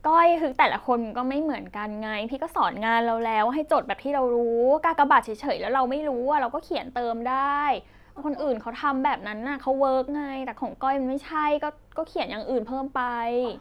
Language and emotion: Thai, frustrated